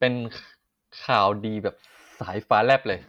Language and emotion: Thai, happy